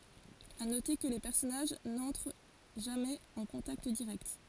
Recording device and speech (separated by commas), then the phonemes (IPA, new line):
forehead accelerometer, read sentence
a note kə le pɛʁsɔnaʒ nɑ̃tʁ ʒamɛz ɑ̃ kɔ̃takt diʁɛkt